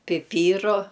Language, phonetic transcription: Lithuanian, piˈpyru

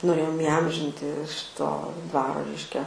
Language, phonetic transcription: Lithuanian, noˈrėjom iˈamžinti ˈšito ˈdvaro ˈreiškia

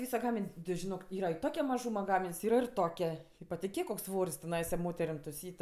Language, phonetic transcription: Lithuanian, ˈvysa ˈgamin' ti žiˈnok ˈyra i ˈtokia maˈžūma ˈgamin's' ˈyra ir ˈtokia patiˈkėk koks ˈsvor's' teˈnaisa ˈmoterim tuˈsyt'

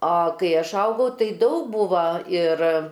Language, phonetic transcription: Lithuanian, a kai ˈaš ˈaugau ˈtai ˈdaug ˈbūva ir

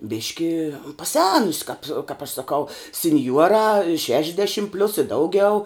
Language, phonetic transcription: Lithuanian, ˈbiški paˈsenusi kap' kap aš saˈkau sinˈjuorā ˈšešišdešim plius i ˈdaugiau

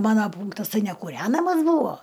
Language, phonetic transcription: Lithuanian, ˈmana ˈpūnktas ˈtai nekūˈrenamas ˈbūvo

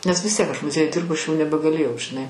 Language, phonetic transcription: Lithuanian, nes vis ˈtiek aš muˈziejuj ˈdirbu ˈaš jau nebegaˈlėjau žiˈnai

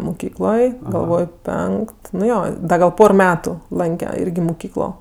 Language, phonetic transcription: Lithuanian, muˈkykloj galˈvoj ˈpenkt nu ˈjo ˈda gal ˈpor ˈmetu ˈlanke ˈirgi muˈkyklo

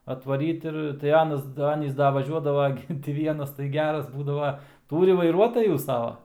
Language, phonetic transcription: Lithuanian, atvaˈryt ir tai ˈanas ˈanys ˈda vaˈžiuodava ˈgi ti ˈvienas tai ˈgeras ˈbūdava ˈtūri vaiˈruotajų ˈsava

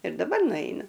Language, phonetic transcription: Lithuanian, ir daˈbar nuˈainu

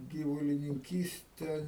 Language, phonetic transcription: Lithuanian, gyvulininˈkyste

